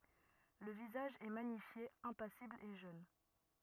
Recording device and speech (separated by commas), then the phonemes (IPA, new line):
rigid in-ear microphone, read sentence
lə vizaʒ ɛ maɲifje ɛ̃pasibl e ʒøn